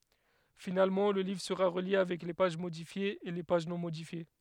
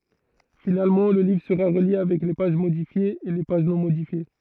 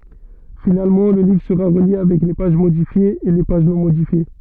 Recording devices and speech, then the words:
headset microphone, throat microphone, soft in-ear microphone, read sentence
Finalement, le livre sera relié avec les pages modifiées et les pages non modifiées.

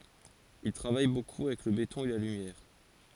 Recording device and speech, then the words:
forehead accelerometer, read sentence
Il travaille beaucoup avec le béton et la lumière.

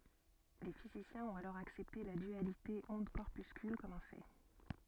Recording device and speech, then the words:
soft in-ear microphone, read sentence
Les physiciens ont alors accepté la dualité onde-corpuscule comme un fait.

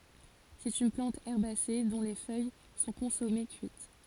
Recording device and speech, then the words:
forehead accelerometer, read sentence
C'est une plante herbacée dont les feuilles sont consommées cuites.

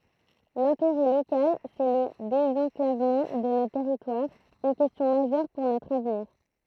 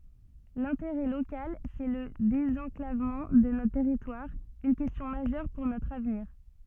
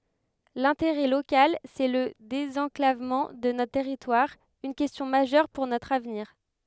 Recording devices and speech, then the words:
throat microphone, soft in-ear microphone, headset microphone, read sentence
L’intérêt local, c’est le désenclavement de notre territoire, une question majeure pour notre avenir.

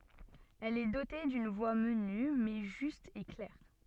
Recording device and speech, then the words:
soft in-ear microphone, read sentence
Elle est dotée d’une voix menue, mais juste et claire.

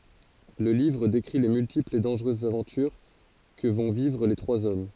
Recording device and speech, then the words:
forehead accelerometer, read sentence
Le livre décrit les multiples et dangereuses aventures que vont vivre les trois hommes.

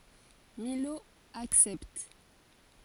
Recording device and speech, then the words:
forehead accelerometer, read sentence
Milhaud accepte.

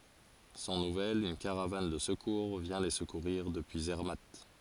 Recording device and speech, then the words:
forehead accelerometer, read sentence
Sans nouvelles, une caravane de secours vient les secourir depuis Zermatt.

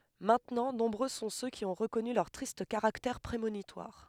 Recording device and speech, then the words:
headset microphone, read sentence
Maintenant, nombreux sont ceux qui ont reconnu leur triste caractère prémonitoire.

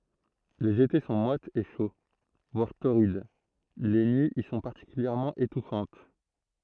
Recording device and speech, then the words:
throat microphone, read sentence
Les étés sont moites et chauds, voire torrides, les nuits y sont particulièrement étouffantes.

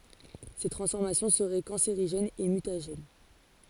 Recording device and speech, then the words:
forehead accelerometer, read sentence
Ces transformations seraient cancérigènes et mutagènes.

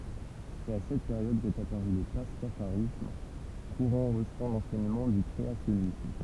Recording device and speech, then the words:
temple vibration pickup, read sentence
C'est à cette période qu'est apparu le pastafarisme, courant rejetant l'enseignement du créationnisme.

